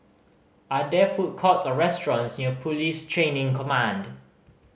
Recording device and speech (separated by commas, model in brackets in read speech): mobile phone (Samsung C5010), read sentence